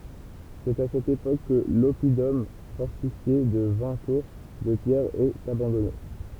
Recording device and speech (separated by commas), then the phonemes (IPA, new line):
temple vibration pickup, read sentence
sɛt a sɛt epok kə lɔpidɔm fɔʁtifje də vɛ̃ tuʁ də pjɛʁ ɛt abɑ̃dɔne